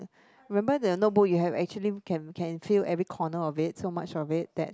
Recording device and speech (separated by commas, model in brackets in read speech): close-talking microphone, conversation in the same room